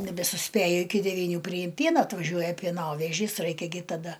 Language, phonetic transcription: Lithuanian, nebesuˈspėju iˈki devyˈnių priˈjim ˈpiena atvaˈžiuoja pieˈnovežys ˈraikia gi taˈda

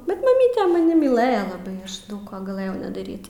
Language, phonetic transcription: Lithuanian, bet maˈmyte maˈni myˈlɘja laˈbai ˈaš ˈdaug ˈko gaˈlɘjau nedaˈryt

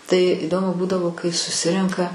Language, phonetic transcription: Lithuanian, tai iˈdomu ˈbūdavo kai suˈsirenka

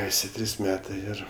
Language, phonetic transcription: Lithuanian, ˈesi ˈtrys ˈmetɜ ˈir

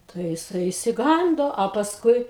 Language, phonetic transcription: Lithuanian, tai jiˈsai išsiˈgando o pasˈkui

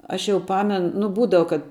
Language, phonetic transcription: Lithuanian, ˈaš jau ˈpamen nu ˈbūdava kad

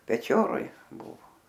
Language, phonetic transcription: Lithuanian, peˈčioroj ˈbuvo

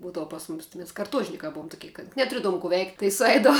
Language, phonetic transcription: Lithuanian, ˈbūdavu pas ˈmumis ti mes karˈtuožnikā ˈbuum tuˈkie kad netuˈriedavum ku veikt' tai suˈeidavu

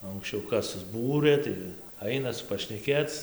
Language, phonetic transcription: Lithuanian, o anksˈčiau ˈkas susˈbūrɘ ˈtai ˈainas pašneˈkėc

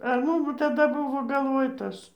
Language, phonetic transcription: Lithuanian, ar ˈmum taˈda ˈbuvo galˈvoj ˈtas

